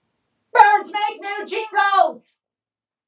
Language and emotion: English, neutral